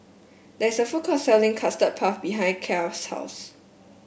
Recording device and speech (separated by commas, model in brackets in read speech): boundary microphone (BM630), read sentence